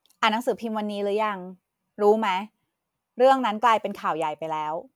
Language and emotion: Thai, frustrated